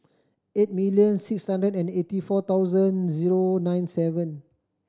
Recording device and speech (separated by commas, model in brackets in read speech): standing microphone (AKG C214), read sentence